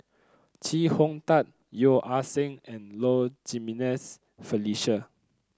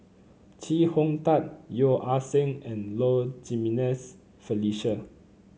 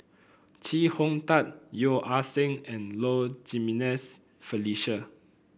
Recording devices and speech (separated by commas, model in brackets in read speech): close-talking microphone (WH30), mobile phone (Samsung C9), boundary microphone (BM630), read sentence